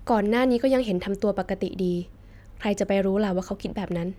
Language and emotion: Thai, neutral